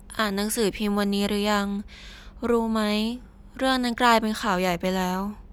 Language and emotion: Thai, neutral